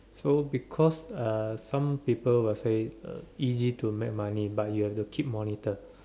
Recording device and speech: standing microphone, conversation in separate rooms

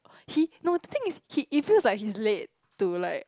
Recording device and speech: close-talking microphone, conversation in the same room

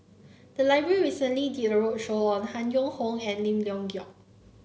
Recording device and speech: mobile phone (Samsung C9), read sentence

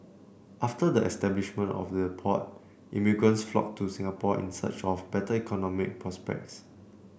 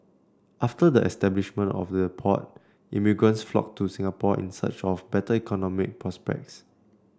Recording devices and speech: boundary microphone (BM630), standing microphone (AKG C214), read sentence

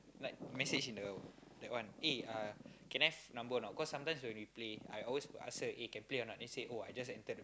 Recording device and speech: close-talking microphone, conversation in the same room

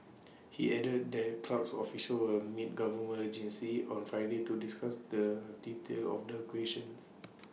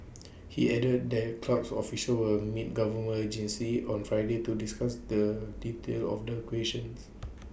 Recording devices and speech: mobile phone (iPhone 6), boundary microphone (BM630), read sentence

